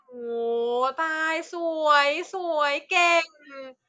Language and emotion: Thai, happy